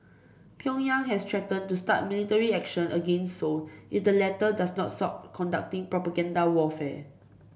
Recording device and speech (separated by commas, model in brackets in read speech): boundary microphone (BM630), read sentence